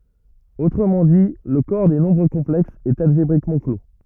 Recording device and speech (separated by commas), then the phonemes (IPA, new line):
rigid in-ear microphone, read sentence
otʁəmɑ̃ di lə kɔʁ de nɔ̃bʁ kɔ̃plɛksz ɛt alʒebʁikmɑ̃ klo